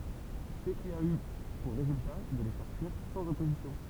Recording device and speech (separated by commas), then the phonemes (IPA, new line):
temple vibration pickup, read sentence
sə ki a y puʁ ʁezylta də le fɛʁ fyiʁ sɑ̃z ɔpozisjɔ̃